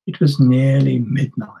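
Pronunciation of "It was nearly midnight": The words of 'It was nearly midnight' are joined together as if they were one long word.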